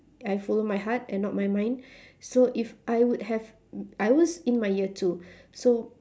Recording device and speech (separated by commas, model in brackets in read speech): standing microphone, conversation in separate rooms